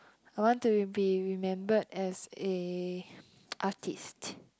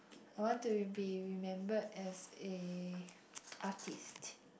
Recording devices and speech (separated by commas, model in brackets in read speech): close-talking microphone, boundary microphone, conversation in the same room